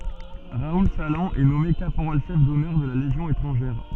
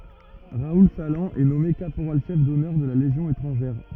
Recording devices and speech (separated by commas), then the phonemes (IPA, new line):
soft in-ear microphone, rigid in-ear microphone, read sentence
ʁaul salɑ̃ ɛ nɔme kapoʁal ʃɛf dɔnœʁ də la leʒjɔ̃ etʁɑ̃ʒɛʁ